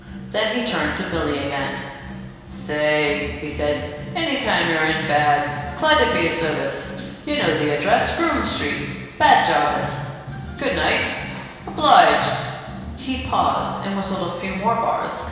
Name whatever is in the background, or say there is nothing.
Music.